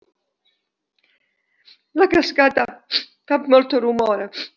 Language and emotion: Italian, sad